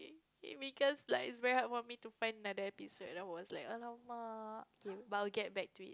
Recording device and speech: close-talking microphone, conversation in the same room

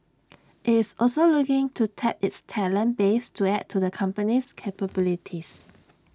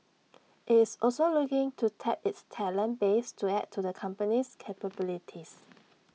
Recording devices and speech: standing microphone (AKG C214), mobile phone (iPhone 6), read sentence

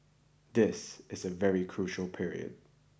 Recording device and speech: boundary microphone (BM630), read sentence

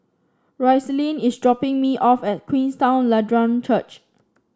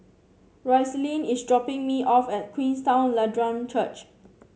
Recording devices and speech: standing microphone (AKG C214), mobile phone (Samsung C7), read sentence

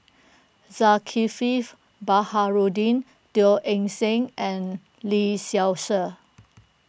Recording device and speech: boundary microphone (BM630), read sentence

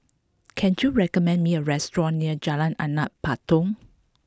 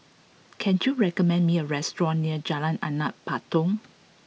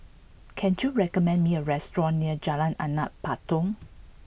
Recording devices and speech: close-talking microphone (WH20), mobile phone (iPhone 6), boundary microphone (BM630), read sentence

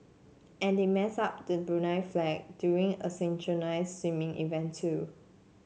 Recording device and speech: mobile phone (Samsung C7), read sentence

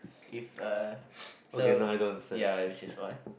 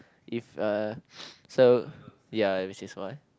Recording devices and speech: boundary microphone, close-talking microphone, conversation in the same room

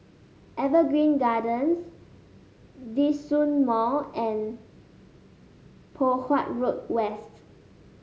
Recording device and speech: mobile phone (Samsung S8), read sentence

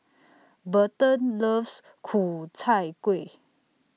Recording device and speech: mobile phone (iPhone 6), read sentence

